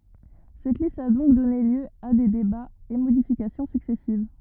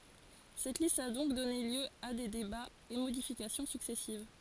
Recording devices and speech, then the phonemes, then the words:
rigid in-ear microphone, forehead accelerometer, read sentence
sɛt list a dɔ̃k dɔne ljø a de debaz e modifikasjɔ̃ syksɛsiv
Cette liste a donc donné lieu a des débats et modifications successives.

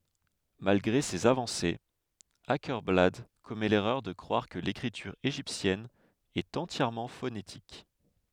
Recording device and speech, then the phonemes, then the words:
headset microphone, read sentence
malɡʁe sez avɑ̃sez akɛʁblad kɔmɛ lɛʁœʁ də kʁwaʁ kə lekʁityʁ eʒiptjɛn ɛt ɑ̃tjɛʁmɑ̃ fonetik
Malgré ses avancées, Åkerblad commet l'erreur de croire que l'écriture égyptienne est entièrement phonétique.

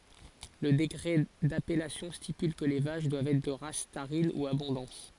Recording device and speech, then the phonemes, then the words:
forehead accelerometer, read sentence
lə dekʁɛ dapɛlasjɔ̃ stipyl kə le vaʃ dwavt ɛtʁ də ʁas taʁin u abɔ̃dɑ̃s
Le décret d'appellation stipule que les vaches doivent être de race tarine ou abondance.

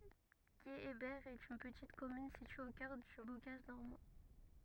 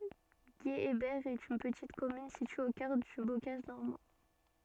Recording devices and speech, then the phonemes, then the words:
rigid in-ear microphone, soft in-ear microphone, read sentence
ɡeebɛʁ ɛt yn pətit kɔmyn sitye o kœʁ dy bokaʒ nɔʁmɑ̃
Guéhébert est une petite commune située au cœur du bocage normand.

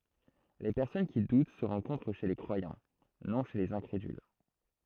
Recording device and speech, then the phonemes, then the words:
throat microphone, read sentence
le pɛʁsɔn ki dut sə ʁɑ̃kɔ̃tʁ ʃe le kʁwajɑ̃ nɔ̃ ʃe lez ɛ̃kʁedyl
Les personnes qui doutent se rencontrent chez les croyants, non chez les incrédules.

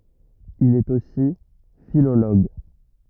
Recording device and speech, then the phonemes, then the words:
rigid in-ear microphone, read sentence
il ɛt osi filoloɡ
Il est aussi philologue.

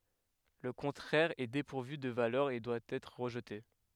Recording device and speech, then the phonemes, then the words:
headset microphone, read sentence
lə kɔ̃tʁɛʁ ɛ depuʁvy də valœʁ e dwa ɛtʁ ʁəʒte
Le contraire est dépourvu de valeur et doit être rejeté.

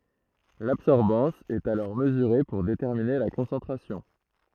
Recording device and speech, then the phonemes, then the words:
throat microphone, read sentence
labsɔʁbɑ̃s ɛt alɔʁ məzyʁe puʁ detɛʁmine la kɔ̃sɑ̃tʁasjɔ̃
L'absorbance est alors mesurée pour déterminer la concentration.

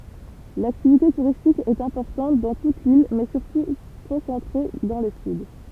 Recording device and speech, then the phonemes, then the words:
temple vibration pickup, read sentence
laktivite tuʁistik ɛt ɛ̃pɔʁtɑ̃t dɑ̃ tut lil mɛ syʁtu kɔ̃sɑ̃tʁe dɑ̃ lə syd
L'activité touristique est importante dans toute l'île, mais surtout concentrée dans le sud.

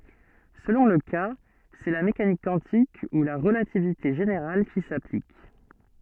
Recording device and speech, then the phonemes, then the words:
soft in-ear microphone, read sentence
səlɔ̃ lə ka sɛ la mekanik kwɑ̃tik u la ʁəlativite ʒeneʁal ki saplik
Selon le cas, c'est la mécanique quantique ou la relativité générale qui s'applique.

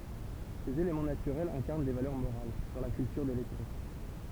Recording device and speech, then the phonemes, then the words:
temple vibration pickup, read sentence
sez elemɑ̃ natyʁɛlz ɛ̃kaʁn de valœʁ moʁal dɑ̃ la kyltyʁ de lɛtʁe
Ces éléments naturels incarnent des valeurs morales, dans la culture des lettrés.

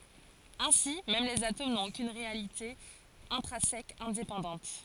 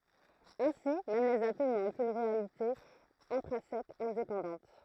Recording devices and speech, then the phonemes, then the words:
forehead accelerometer, throat microphone, read sentence
ɛ̃si mɛm lez atom nɔ̃t okyn ʁealite ɛ̃tʁɛ̃sɛk ɛ̃depɑ̃dɑ̃t
Ainsi, même les atomes n'ont aucune réalité intrinsèque indépendante.

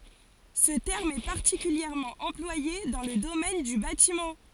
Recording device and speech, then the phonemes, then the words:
forehead accelerometer, read sentence
sə tɛʁm ɛ paʁtikyljɛʁmɑ̃ ɑ̃plwaje dɑ̃ lə domɛn dy batimɑ̃
Ce terme est particulièrement employé dans le domaine du bâtiment.

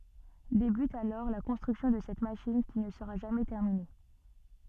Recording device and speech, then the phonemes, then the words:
soft in-ear microphone, read sentence
debyt alɔʁ la kɔ̃stʁyksjɔ̃ də sɛt maʃin ki nə səʁa ʒamɛ tɛʁmine
Débute alors la construction de cette machine qui ne sera jamais terminée.

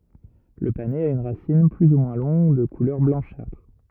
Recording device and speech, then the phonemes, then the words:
rigid in-ear microphone, read sentence
lə panɛz a yn ʁasin ply u mwɛ̃ lɔ̃ɡ də kulœʁ blɑ̃ʃatʁ
Le panais a une racine plus ou moins longue, de couleur blanchâtre.

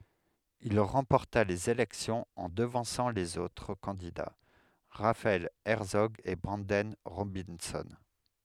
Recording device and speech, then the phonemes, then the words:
headset microphone, read sentence
il ʁɑ̃pɔʁta lez elɛksjɔ̃z ɑ̃ dəvɑ̃sɑ̃ lez otʁ kɑ̃dida ʁafaɛl ɛʁtsɔɡ e bʁɑ̃dɛn ʁobɛ̃sɔ̃
Il remporta les élections en devançant les autres candidats, Raphael Hertzog et Branden Robinson.

